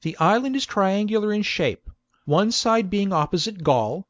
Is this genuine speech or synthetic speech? genuine